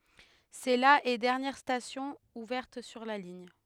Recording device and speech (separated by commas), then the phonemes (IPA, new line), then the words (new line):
headset microphone, read sentence
sɛ la e dɛʁnjɛʁ stasjɔ̃ uvɛʁt syʁ la liɲ
C'est la et dernière station ouverte sur la ligne.